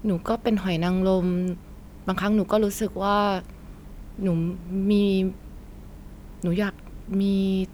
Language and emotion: Thai, frustrated